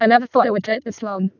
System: VC, vocoder